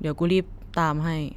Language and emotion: Thai, neutral